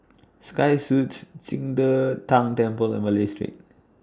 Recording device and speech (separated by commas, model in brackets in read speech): standing microphone (AKG C214), read sentence